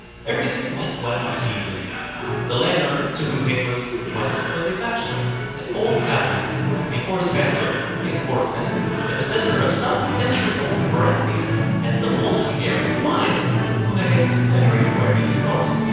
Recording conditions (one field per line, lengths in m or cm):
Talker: one person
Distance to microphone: 7.1 m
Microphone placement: far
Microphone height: 1.7 m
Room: very reverberant, large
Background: television